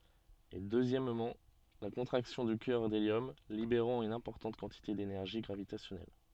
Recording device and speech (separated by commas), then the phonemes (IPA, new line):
soft in-ear microphone, read sentence
e døzjɛmmɑ̃ la kɔ̃tʁaksjɔ̃ dy kœʁ deljɔm libeʁɑ̃ yn ɛ̃pɔʁtɑ̃t kɑ̃tite denɛʁʒi ɡʁavitasjɔnɛl